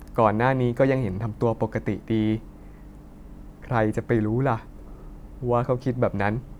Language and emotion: Thai, neutral